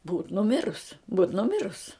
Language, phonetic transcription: Lithuanian, būt nuˈmirus būt nuˈmirus

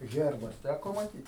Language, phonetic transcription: Lithuanian, ˈherbas ˈtæko maˈtyt

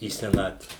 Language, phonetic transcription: Lithuanian, į seˈnatve

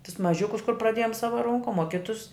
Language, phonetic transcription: Lithuanian, tus maˈžiukus kur praˈdėjom ˈsava ˈronkom o ˈkitus

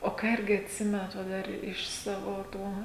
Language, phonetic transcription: Lithuanian, o ˈką ˈirgi atˈsimenat va ˈdar iš ˈsavo ˈtų

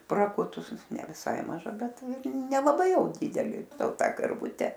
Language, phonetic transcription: Lithuanian, praˈkutus ne viˈsai maˈža ˈbet ir nelaˈbai ˈjau ˈdideli ˈto ˈtą karˈvute

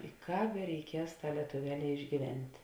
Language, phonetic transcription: Lithuanian, i ˈkāp bereiˈkies ˈtā lietuˈveˌlē išgyˈvent'

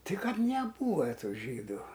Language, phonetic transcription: Lithuanian, ˈti ˈkad neˈbūva ˈtų ˈžydų

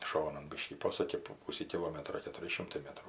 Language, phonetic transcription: Lithuanian, ˈšonan ˈbiškį ˈposuki po ˈpūsį kiˈlometro ketuˈri ˈšimtai ˈmetrų

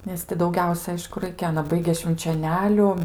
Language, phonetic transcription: Lithuanian, nes ˈti dauˈgiausia ˈaišku ˈraikia ˈana ˈbaigė švinčioˈneliu

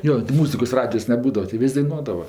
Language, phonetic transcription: Lithuanian, ˈjo ti ˈmūzikos ˈradijos neˈbūdava ti ˈvis' daiˈnuodava

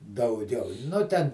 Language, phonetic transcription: Lithuanian, dauˈgiau ˈnu ten

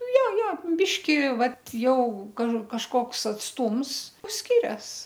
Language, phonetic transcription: Lithuanian, ˈja ˈja ˈbiški ˈvat ˈjau ka kažˈkoks atsˈtūms ˈskirias

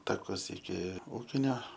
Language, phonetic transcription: Lithuanian, taˈkus iki ˈūkinio

